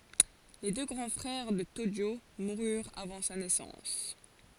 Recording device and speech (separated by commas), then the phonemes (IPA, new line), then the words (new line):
forehead accelerometer, read sentence
le dø ɡʁɑ̃ fʁɛʁ də toʒo muʁyʁt avɑ̃ sa nɛsɑ̃s
Les deux grands frères de Tōjō moururent avant sa naissance.